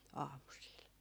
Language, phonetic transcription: Finnish, 'aamusiil .
- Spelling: aamusilla

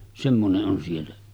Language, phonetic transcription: Finnish, semmone’ ’on siellä .
- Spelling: semmoinen on siellä

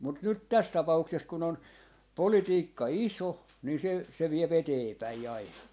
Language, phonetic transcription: Finnish, mut 'nyt "täs 'tapa₍ukses kun ‿on , "politiikka "iso , ni se , se 'viep "eteepäi 'aina .
- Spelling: mutta nyt tässä tapauksessa kun on politiikka iso niin se se vie eteenpäin aina

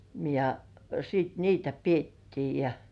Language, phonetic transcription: Finnish, ja , siit 'niitä "piettii ja ,.
- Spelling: ja sitten niitä pidettiin ja

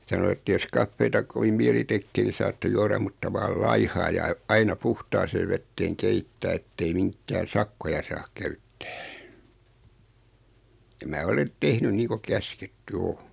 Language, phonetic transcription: Finnish, 'sano että » jos 'kaffeeta kovim 'miɛli 'tekkee nii saatte 'juaram mutta 'vaal "laihaa ja ᵃⁱ- , 'aina "puhtaasee vetteeŋ 'keittää ettei 'miŋkkää "sakkoja saa 'käyttᴀ̈ᴀ̈ « ja mää 'olen , 'tehny nii ko 'käsketty "o .
- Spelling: sanoi että jos kahvia kovin mieli tekee niin saatte juoda mutta vain laihaa ja - aina puhtaaseen veteen keittää että ei minkään sakkoja saa käyttää ja minä olen tehnyt niin kuin käsketty on

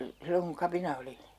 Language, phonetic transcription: Finnish, 'silloŋ kuŋ "kapina oli ?
- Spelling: silloin kun kapina oli

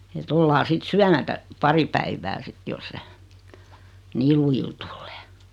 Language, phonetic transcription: Finnish, e't ‿ollaa 'sit "syämätä , 'pari päivä 'sit jos se , "niil lujil 'tullᴇᴇ .
- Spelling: että ollaan sitten syömättä pari päivää sitten jos se niillä lujille tulee

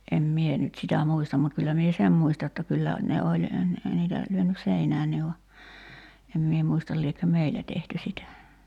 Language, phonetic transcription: Finnish, em 'mie nyt sitä "muistam mut kyllä mie "sem muista jotta 'kyllä , ne oĺ , n̥ , 'niitä , 'lyönys "seinäänni va , em mie 'muistal liekkö "meilä tehty 'sitä .
- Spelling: en minä nyt sitä muista mutta kyllä minä sen muistan jotta kyllä ne oli ne niitä lyönyt seinään vaan en minä muista liekö meillä tehty sitä

